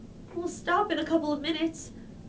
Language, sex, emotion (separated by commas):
English, female, fearful